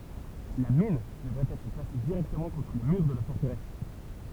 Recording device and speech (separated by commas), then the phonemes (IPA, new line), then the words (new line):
temple vibration pickup, read sentence
la min dəvɛt ɛtʁ plase diʁɛktəmɑ̃ kɔ̃tʁ le myʁ də la fɔʁtəʁɛs
La mine devait être placé directement contre les murs de la forteresse.